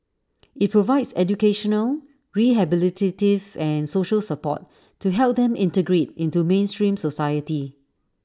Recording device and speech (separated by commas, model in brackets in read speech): standing microphone (AKG C214), read sentence